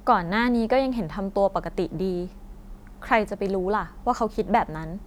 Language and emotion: Thai, frustrated